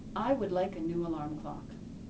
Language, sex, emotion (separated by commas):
English, female, neutral